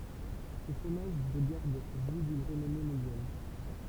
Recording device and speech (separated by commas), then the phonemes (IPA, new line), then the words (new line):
temple vibration pickup, read sentence
sə fʁomaʒ də ɡaʁd ʒwi dyn ʁənɔme mɔ̃djal
Ce fromage de garde jouit d'une renommée mondiale.